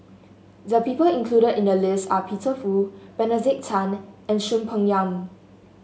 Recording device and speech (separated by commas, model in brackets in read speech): mobile phone (Samsung S8), read sentence